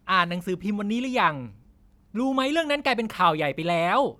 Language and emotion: Thai, angry